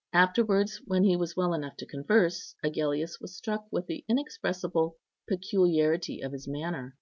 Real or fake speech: real